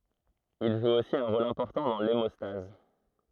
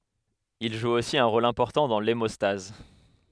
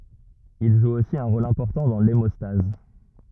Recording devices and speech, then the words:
throat microphone, headset microphone, rigid in-ear microphone, read sentence
Il joue aussi un rôle important dans l'hémostase.

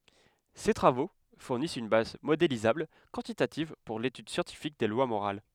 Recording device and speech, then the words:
headset microphone, read sentence
Ces travaux fournissent une base modélisable, quantitative, pour l'étude scientifique des lois morales.

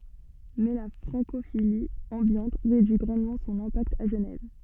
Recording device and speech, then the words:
soft in-ear microphone, read sentence
Mais la francophilie ambiante réduit grandement son impact à Genève.

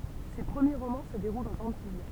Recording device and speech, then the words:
temple vibration pickup, read sentence
Ses premiers romans se déroulent aux Antilles.

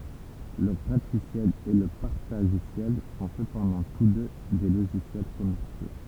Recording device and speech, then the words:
temple vibration pickup, read sentence
Le gratuiciel et le partagiciel sont cependant tous deux des logiciels commerciaux.

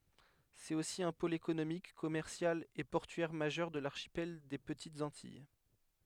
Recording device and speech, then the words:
headset microphone, read sentence
C'est aussi un pôle économique, commercial et portuaire majeur de l'archipel des Petites Antilles.

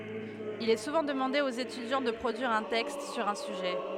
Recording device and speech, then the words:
headset microphone, read sentence
Il est souvent demandé aux étudiants de produire un texte sur un sujet.

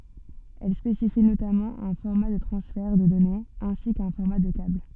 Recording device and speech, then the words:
soft in-ear microphone, read sentence
Elle spécifie notamment un format de transfert de données ainsi qu'un format de câble.

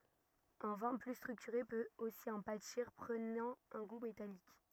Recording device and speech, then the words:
rigid in-ear microphone, read sentence
Un vin plus structuré peut aussi en pâtir, prenant un goût métallique.

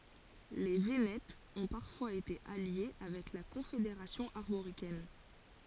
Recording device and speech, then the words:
forehead accelerometer, read sentence
Les Vénètes ont parfois été alliés avec la Confédération armoricaine.

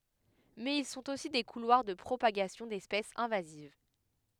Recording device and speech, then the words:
headset microphone, read sentence
Mais ils sont aussi des couloirs de propagation d'espèces invasives.

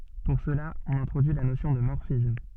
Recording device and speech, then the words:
soft in-ear microphone, read sentence
Pour cela, on introduit la notion de morphisme.

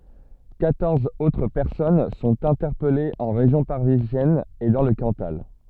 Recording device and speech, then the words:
soft in-ear microphone, read sentence
Quatorze autres personnes sont interpellées en région parisienne et dans le Cantal.

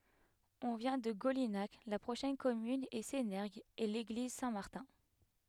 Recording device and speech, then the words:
headset microphone, read sentence
On vient de Golinhac, la prochaine commune est Sénergues et l'église Saint-Martin.

